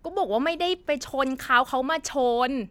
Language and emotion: Thai, frustrated